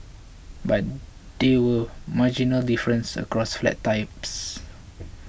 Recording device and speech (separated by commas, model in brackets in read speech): boundary microphone (BM630), read sentence